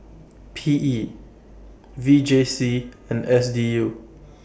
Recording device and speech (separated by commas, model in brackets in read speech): boundary microphone (BM630), read sentence